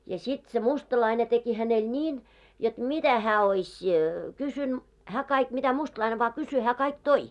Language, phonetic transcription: Finnish, ja 'sit se 'mustalaine teki hänel "ńiin , jot "mitä hää oiś , 'kysyn- , 'hää 'kaik 'mitä 'mustlaine vaa 'kysy hää kaik "toi .
- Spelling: ja sitten se mustalainen teki hänelle niin jotta mitä hän olisi - hän kaikki mitä mustalainen vain kysyi hän kaikki toi

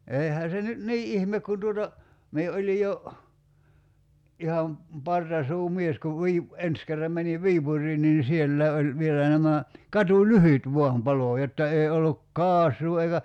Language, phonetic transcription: Finnish, 'eihä se nyt "nii '’ihmek kun tuota , mie 'oĺi jo , iham , 'partasuu"mies kuv 'Viip- , 'ens kerram meniv "Viipur̀iin niin 'sielläi̬ oĺ 'vielä nämä , 'katu"lyhyt 'vo̭am 'palò jotta 'ei olluk "kaas̀uu eikä ,.
- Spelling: eihän se nyt niin ihme kun tuota minä olin jo ihan partasuumies kun - ensi kerran menin Viipuriin niin sielläkin oli vielä nämä katulyhdyt vain paloi jotta ei ollut kaasua eikä

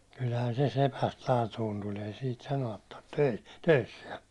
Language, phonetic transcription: Finnish, kylhän se 'sepäst 'laatuun tuĺ ei siit 'sano₍at tarttᴇ töi- , 'töissiɛ .
- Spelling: kyllähän se sepästä laatuun tuli ei siitä sanoa tarvitse - töissään

